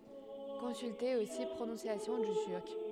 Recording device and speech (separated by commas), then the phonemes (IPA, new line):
headset microphone, read sentence
kɔ̃sylte osi pʁonɔ̃sjasjɔ̃ dy tyʁk